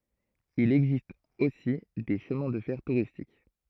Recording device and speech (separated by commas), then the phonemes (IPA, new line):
throat microphone, read sentence
il ɛɡzist osi de ʃəmɛ̃ də fɛʁ tuʁistik